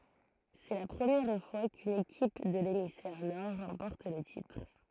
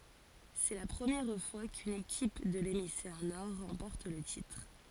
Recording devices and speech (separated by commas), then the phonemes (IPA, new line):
throat microphone, forehead accelerometer, read sentence
sɛ la pʁəmjɛʁ fwa kyn ekip də lemisfɛʁ nɔʁ ʁɑ̃pɔʁt lə titʁ